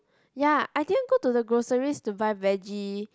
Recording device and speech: close-talking microphone, conversation in the same room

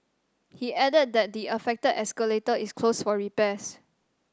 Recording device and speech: standing microphone (AKG C214), read sentence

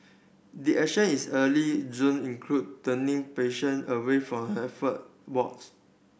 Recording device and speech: boundary microphone (BM630), read sentence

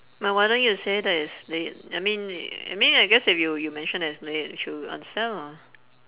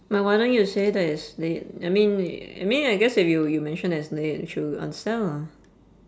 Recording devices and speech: telephone, standing microphone, conversation in separate rooms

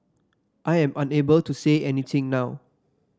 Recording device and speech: standing microphone (AKG C214), read sentence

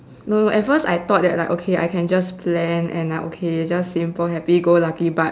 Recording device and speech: standing microphone, conversation in separate rooms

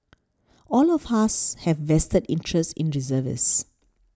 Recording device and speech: standing microphone (AKG C214), read sentence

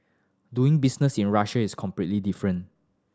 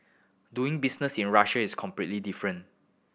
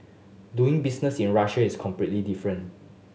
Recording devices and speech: standing microphone (AKG C214), boundary microphone (BM630), mobile phone (Samsung S8), read sentence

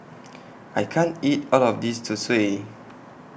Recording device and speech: boundary microphone (BM630), read sentence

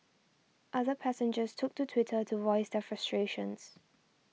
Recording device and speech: mobile phone (iPhone 6), read sentence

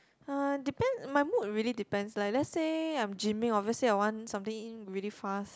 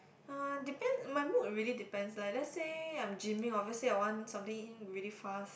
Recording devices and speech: close-talking microphone, boundary microphone, conversation in the same room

